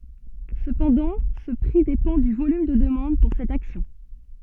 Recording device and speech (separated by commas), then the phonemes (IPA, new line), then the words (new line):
soft in-ear microphone, read sentence
səpɑ̃dɑ̃ sə pʁi depɑ̃ dy volym də dəmɑ̃d puʁ sɛt aksjɔ̃
Cependant ce prix dépend du volume de demande pour cette action.